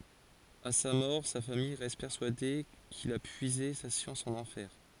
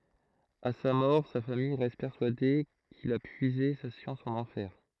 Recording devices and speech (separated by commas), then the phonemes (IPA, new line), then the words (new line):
forehead accelerometer, throat microphone, read sentence
a sa mɔʁ sa famij ʁɛst pɛʁsyade kil a pyize sa sjɑ̃s ɑ̃n ɑ̃fɛʁ
À sa mort, sa famille reste persuadée qu'il a puisé sa science en enfer.